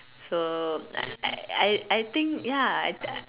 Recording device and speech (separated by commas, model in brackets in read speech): telephone, conversation in separate rooms